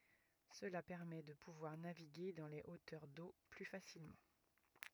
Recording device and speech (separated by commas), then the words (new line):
rigid in-ear microphone, read sentence
Cela permet de pouvoir naviguer dans les hauteurs d'eau plus facilement.